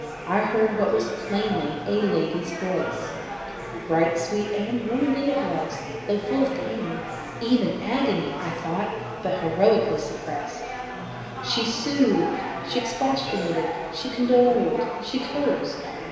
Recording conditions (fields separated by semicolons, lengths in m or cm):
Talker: one person; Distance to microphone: 1.7 m; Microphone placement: close; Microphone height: 1.0 m; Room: very reverberant, large; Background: babble